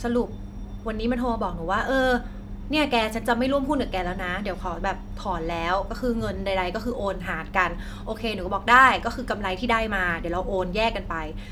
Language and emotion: Thai, neutral